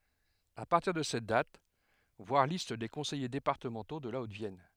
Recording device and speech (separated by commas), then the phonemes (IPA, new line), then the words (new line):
headset microphone, read sentence
a paʁtiʁ də sɛt dat vwaʁ list de kɔ̃sɛje depaʁtəmɑ̃to də la otəvjɛn
À partir de cette date, voir Liste des conseillers départementaux de la Haute-Vienne.